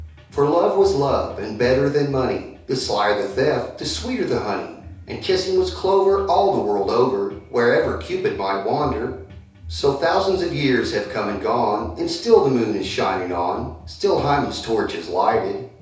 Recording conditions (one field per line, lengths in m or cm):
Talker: one person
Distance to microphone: 3.0 m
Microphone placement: far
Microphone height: 1.8 m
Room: small (3.7 m by 2.7 m)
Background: music